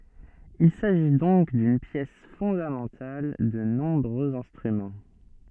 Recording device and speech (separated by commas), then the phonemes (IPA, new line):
soft in-ear microphone, read sentence
il saʒi dɔ̃k dyn pjɛs fɔ̃damɑ̃tal də nɔ̃bʁøz ɛ̃stʁymɑ̃